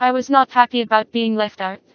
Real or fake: fake